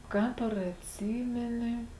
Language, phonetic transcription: Lithuanian, ˈkāp ar atˈsymeni

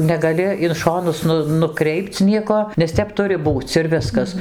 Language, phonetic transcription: Lithuanian, negaˈli in ˈšonus ˈnu nuˈkreipc ˈnieko nes ˈtep ˈturi ˈbūc ir ˈviskas

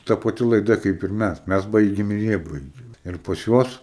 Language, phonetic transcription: Lithuanian, ta paˈti laiˈda kaip ir ˈmæs ˈmæs ˈbaigėm ir ˈjie ˈbaigė ir pas ˈjuos

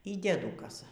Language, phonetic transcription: Lithuanian, y dieˈdukasa

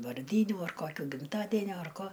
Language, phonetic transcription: Lithuanian, varˈdynių ar ˈkokių gimˈtadenio ar ˈko

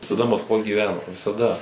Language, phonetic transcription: Lithuanian, visaˈda maskˈvoj gyˈveno visaˈda

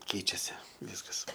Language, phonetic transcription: Lithuanian, ˈkeičiasi ˈvyskas

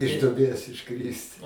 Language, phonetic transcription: Lithuanian, iš duoˈbės išˈkrist

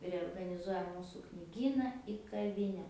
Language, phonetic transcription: Lithuanian, reorganiˈzuoja ˈmūsų kniˈgyna i kaˈvine

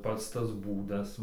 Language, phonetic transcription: Lithuanian, ˈpats tas ˈbūdas

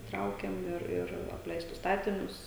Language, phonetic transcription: Lithuanian, ˈtraukiam ˈir ir apˈleistus ˈstatinius

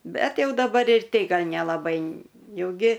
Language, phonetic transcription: Lithuanian, ˈbet ˈjau daˈbar ir ˈtei ˈgal' nelaˈbai ˈjau ˈgi

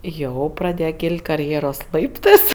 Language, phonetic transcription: Lithuanian, ˈjau praˈdėja ˈkylt' karˈjėros ˈlaiptɜs

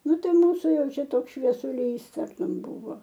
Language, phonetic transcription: Lithuanian, ˈnu ˈtai ˈmūsu ˈjau ˈčia ˈtoks šviesuˈlys ˈtartum ˈbūvo

